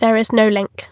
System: none